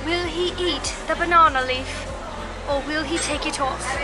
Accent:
British accent